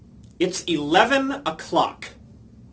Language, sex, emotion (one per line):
English
male
angry